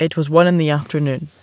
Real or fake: real